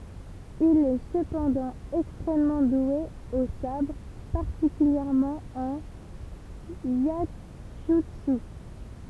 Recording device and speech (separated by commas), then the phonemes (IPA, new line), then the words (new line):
temple vibration pickup, read sentence
il ɛ səpɑ̃dɑ̃ ɛkstʁɛmmɑ̃ dwe o sabʁ paʁtikyljɛʁmɑ̃ ɑ̃n jɛʒytsy
Il est cependant extrêmement doué au sabre, particulièrement en iaijutsu.